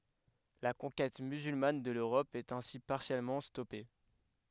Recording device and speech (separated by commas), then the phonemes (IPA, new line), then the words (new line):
headset microphone, read sentence
la kɔ̃kɛt myzylman də løʁɔp ɛt ɛ̃si paʁsjɛlmɑ̃ stɔpe
La conquête musulmane de l'Europe est ainsi partiellement stoppée.